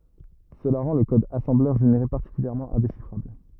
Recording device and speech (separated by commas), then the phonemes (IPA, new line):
rigid in-ear microphone, read sentence
səla ʁɑ̃ lə kɔd asɑ̃blœʁ ʒeneʁe paʁtikyljɛʁmɑ̃ ɛ̃deʃifʁabl